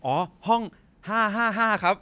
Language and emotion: Thai, happy